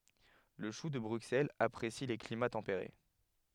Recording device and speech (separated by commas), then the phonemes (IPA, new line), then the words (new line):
headset microphone, read sentence
lə ʃu də bʁyksɛlz apʁesi le klima tɑ̃peʁe
Le chou de Bruxelles apprécie les climats tempérés.